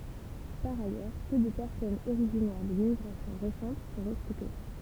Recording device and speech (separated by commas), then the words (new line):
temple vibration pickup, read sentence
Par ailleurs, peu de personnes originaires de l'immigration récente sont recrutées.